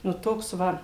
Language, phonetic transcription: Lithuanian, nu ˈtoks ˈva

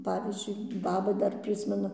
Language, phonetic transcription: Lithuanian, ˈpavyzdžiui ˈbaba ˈdar ˈprismenu

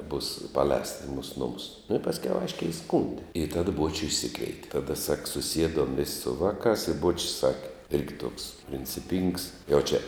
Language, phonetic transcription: Lithuanian, būs paˈlēsta i mūs ˈnumus nu i pasˈkiau ˈaiškiai iˈskūndi i tad ˈbuočiu išˈsikveite taˈda sak suˈsiedom vis' su ˈvaˌkās i ˈbuočis ˈsake ˈirgi tuoks princiˈpyngs jau čia

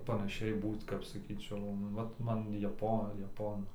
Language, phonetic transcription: Lithuanian, panaˈšiai ˈbūt kap saˈkyčiau ˈvat ˈman jaˈpo jaˈponu

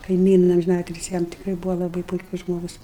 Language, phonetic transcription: Lithuanian, kaiˈmyna amžiˈnatilsi ˈjam tikˈrai ˈbūvo laˈbai puiˈkus ˈžmogus

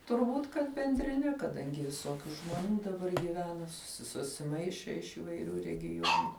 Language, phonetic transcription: Lithuanian, turˈbūt kad bendriˈne kaˈdangi viˈsokiu žmoˈnių daˈbar gyˈvena susi susiˈmaišė iš įvaiˈrių regiˈjuonu

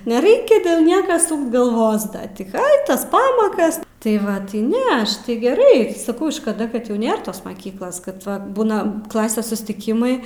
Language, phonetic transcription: Lithuanian, neˈreikia dėl ˈnieka ˈsūkt galˈvos ˈda ti ai ˈtas ˈpamakas tai ˈva tai ˈne ˈaš tai geˈrai saˈkau škaˈda kad jau ˈnėr tos maˈkyklos kad ˈva ˈbūna ˈklasės sustiˈkimai

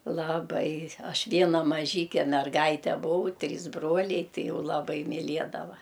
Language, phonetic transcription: Lithuanian, laˈbai ˈaš ˈviena maˈžyke merˈgaite buˈau ˈtrys ˈbroliai ˈtai ˈjau laˈbai miˈliedava

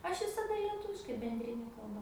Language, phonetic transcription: Lithuanian, ˈaš visaˈda lieˈtuviškai bendriˈne kalˈba

